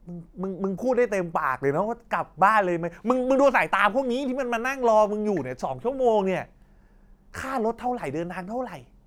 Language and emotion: Thai, frustrated